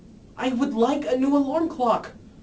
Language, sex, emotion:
English, male, angry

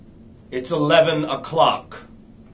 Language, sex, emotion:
English, male, angry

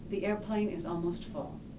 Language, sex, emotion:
English, female, neutral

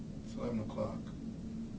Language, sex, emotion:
English, male, neutral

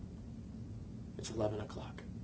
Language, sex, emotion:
English, male, neutral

